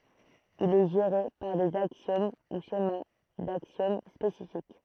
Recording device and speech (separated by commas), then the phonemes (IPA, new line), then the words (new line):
throat microphone, read sentence
il ɛ ʒeʁe paʁ dez aksjom u ʃema daksjom spesifik
Il est géré par des axiomes ou schémas d'axiomes spécifiques.